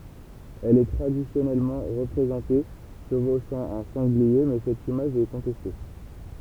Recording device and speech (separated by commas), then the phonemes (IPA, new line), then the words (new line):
temple vibration pickup, read sentence
ɛl ɛ tʁadisjɔnɛlmɑ̃ ʁəpʁezɑ̃te ʃəvoʃɑ̃ œ̃ sɑ̃ɡlie mɛ sɛt imaʒ ɛ kɔ̃tɛste
Elle est traditionnellement représentée chevauchant un sanglier mais cette image est contestée.